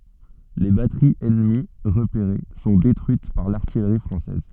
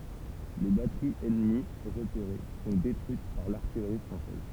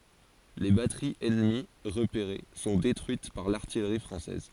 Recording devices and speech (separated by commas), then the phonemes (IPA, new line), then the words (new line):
soft in-ear microphone, temple vibration pickup, forehead accelerometer, read sentence
le batəʁiz ɛnəmi ʁəpeʁe sɔ̃ detʁyit paʁ laʁtijʁi fʁɑ̃sɛz
Les batteries ennemies repérées sont détruites par l’artillerie française.